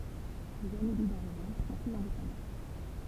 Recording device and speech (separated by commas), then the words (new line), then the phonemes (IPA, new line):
temple vibration pickup, read sentence
Les annélides en revanche, sont plus indépendants.
lez anelidz ɑ̃ ʁəvɑ̃ʃ sɔ̃ plyz ɛ̃depɑ̃dɑ̃